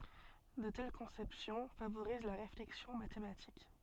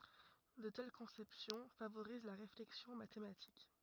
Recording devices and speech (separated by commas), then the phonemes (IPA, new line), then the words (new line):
soft in-ear microphone, rigid in-ear microphone, read sentence
də tɛl kɔ̃sɛpsjɔ̃ favoʁiz la ʁeflɛksjɔ̃ matematik
De telles conceptions favorisent la réflexion mathématique.